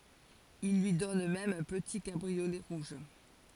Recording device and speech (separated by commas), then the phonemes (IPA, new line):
forehead accelerometer, read sentence
il lyi dɔn mɛm œ̃ pəti kabʁiolɛ ʁuʒ